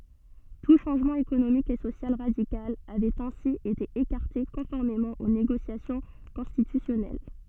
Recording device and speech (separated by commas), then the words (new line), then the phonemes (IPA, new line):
soft in-ear microphone, read sentence
Tout changement économique et social radical avait ainsi été écarté conformément aux négociations constitutionnelles.
tu ʃɑ̃ʒmɑ̃ ekonomik e sosjal ʁadikal avɛt ɛ̃si ete ekaʁte kɔ̃fɔʁmemɑ̃ o neɡosjasjɔ̃ kɔ̃stitysjɔnɛl